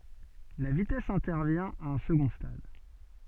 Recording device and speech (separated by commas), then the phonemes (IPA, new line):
soft in-ear microphone, read sentence
la vitɛs ɛ̃tɛʁvjɛ̃ a œ̃ səɡɔ̃ stad